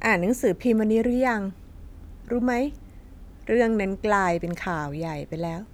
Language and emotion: Thai, neutral